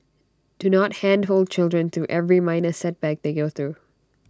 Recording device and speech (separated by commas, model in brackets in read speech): standing microphone (AKG C214), read sentence